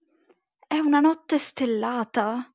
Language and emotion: Italian, fearful